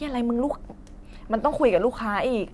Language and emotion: Thai, frustrated